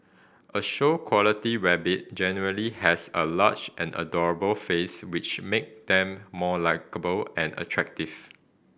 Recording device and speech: boundary microphone (BM630), read sentence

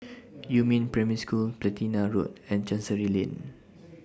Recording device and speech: standing microphone (AKG C214), read sentence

